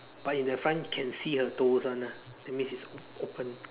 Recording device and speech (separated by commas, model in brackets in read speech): telephone, conversation in separate rooms